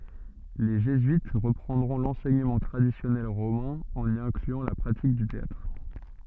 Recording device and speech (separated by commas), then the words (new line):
soft in-ear microphone, read sentence
Les jésuites reprendront l'enseignement traditionnel romain, en y incluant la pratique du théâtre.